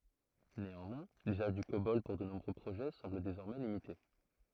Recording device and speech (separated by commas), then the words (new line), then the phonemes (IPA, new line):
throat microphone, read sentence
Néanmoins, l'usage du Cobol pour de nouveaux projets semble désormais limité.
neɑ̃mwɛ̃ lyzaʒ dy kobɔl puʁ də nuvo pʁoʒɛ sɑ̃bl dezɔʁmɛ limite